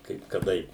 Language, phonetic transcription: Lithuanian, ˈkaip kaˈdai

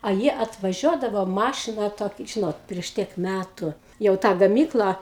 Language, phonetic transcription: Lithuanian, a ˈjie atvaˈžiuodavo ˈmašina ˈtok ˈžinot prieš ˈtiek ˈmætu jau ˈtą gaˈmyklą

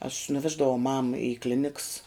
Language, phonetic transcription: Lithuanian, aš nuˈveždavau mam i ˈkliniks

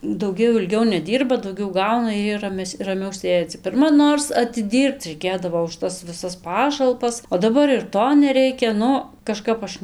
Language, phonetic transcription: Lithuanian, dauˈgiau ilˈgiau neˈdyrba dauˈgiau ˈgauna ir ˈjie raˈmes' raˈmiau ˈsėdzi pirˈma ˈnors atiˈdyrbc reiˈkėdavo už ˈtas viˈsas ˈpašalpas o daˈbar ir ˈto neˈreikia ˈnu kaˈžkap ˈaš

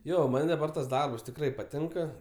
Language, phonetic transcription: Lithuanian, ˈjo ˈman' daˈbar tas ˈdarbs tikˈrai paˈtinka

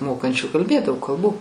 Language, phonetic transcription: Lithuanian, ˈmokančių kalˈbėt daug kalˈbų

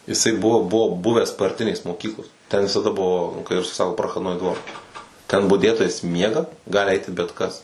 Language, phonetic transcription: Lithuanian, jiˈsai ˈbuvo ˈbuvo ˈbuvęs parˈtinės moˈkyklos ten visaˈda ˈbuvo nu kai ˈrusai ˈsako prachadˈnoi ˈdvor ten buˈdėtojas ˈmiega ˈgali ˈaiti bet ˈkas

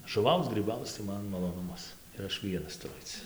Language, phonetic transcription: Lithuanian, žuˈvauc gryˈbauc tai ˈman maˈlonumas ir ˈaš ˈvienas tuˈru ˈaic

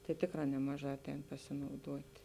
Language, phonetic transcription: Lithuanian, tai ˈtėkˌrā ˈnemaˌžā ˈaˌtēn pasinauˈduot'

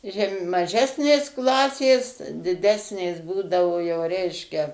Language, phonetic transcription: Lithuanian, ˈžem maˈžesnės ˈklasės diˈdesnės ˈbūdavo jau ˈreiškia

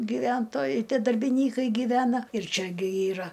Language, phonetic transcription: Lithuanian, gyˈventojai ˈtie darbiˈnykai gyˈvena ir ˈčia gi ˈyra

